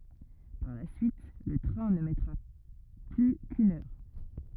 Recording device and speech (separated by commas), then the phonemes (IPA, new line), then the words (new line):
rigid in-ear microphone, read sentence
paʁ la syit lə tʁɛ̃ nə mɛtʁa ply kyn œʁ
Par la suite, le train ne mettra plus qu’une heure.